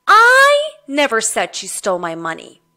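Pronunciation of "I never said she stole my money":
The stress falls on 'I'.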